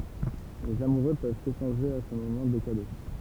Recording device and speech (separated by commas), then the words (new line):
temple vibration pickup, read sentence
Les amoureux peuvent s’échanger à ce moment des cadeaux.